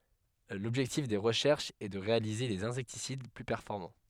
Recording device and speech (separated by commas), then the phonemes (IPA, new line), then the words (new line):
headset microphone, read sentence
lɔbʒɛktif de ʁəʃɛʁʃz ɛ də ʁealize dez ɛ̃sɛktisid ply pɛʁfɔʁmɑ̃
L'objectif des recherches est de réaliser des insecticides plus performants.